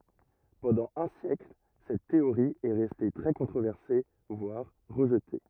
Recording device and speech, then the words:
rigid in-ear microphone, read sentence
Pendant un siècle, cette théorie est restée très controversée, voire rejetée.

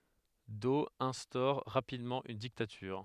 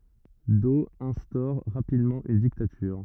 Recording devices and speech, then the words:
headset microphone, rigid in-ear microphone, read sentence
Doe instaure rapidement une dictature.

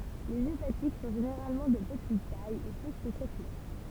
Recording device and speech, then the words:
temple vibration pickup, read sentence
Les hépatiques sont généralement de petite taille et peu spectaculaires.

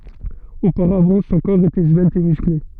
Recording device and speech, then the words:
soft in-ear microphone, read sentence
Auparavant, son corps était svelte et musclé.

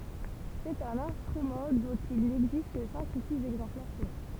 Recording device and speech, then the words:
temple vibration pickup, read sentence
C'est un instrument dont il n'existe que cinq ou six exemplaires connus.

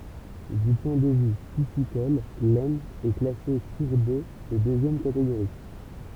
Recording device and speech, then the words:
temple vibration pickup, read sentence
Du point de vue piscicole, l'Aisne est classée cours d'eau de deuxième catégorie.

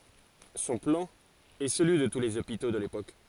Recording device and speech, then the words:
forehead accelerometer, read sentence
Son plan est celui de tous les hôpitaux de l’époque.

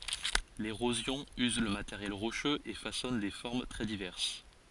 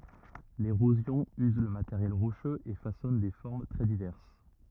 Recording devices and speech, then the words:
forehead accelerometer, rigid in-ear microphone, read sentence
L'érosion use le matériel rocheux et façonne des formes très diverses.

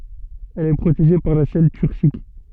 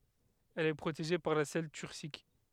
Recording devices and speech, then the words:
soft in-ear microphone, headset microphone, read sentence
Elle est protégée par la selle turcique.

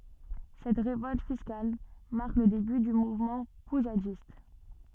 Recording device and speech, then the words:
soft in-ear microphone, read sentence
Cette révolte fiscale marque le début du mouvement poujadiste.

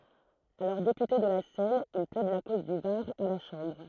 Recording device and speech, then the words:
throat microphone, read sentence
Alors député de la Seine, il plaide la cause du Var à la Chambre.

